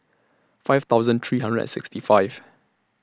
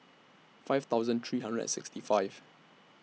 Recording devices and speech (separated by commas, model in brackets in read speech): standing microphone (AKG C214), mobile phone (iPhone 6), read sentence